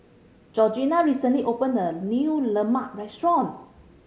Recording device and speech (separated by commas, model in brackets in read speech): mobile phone (Samsung C5010), read sentence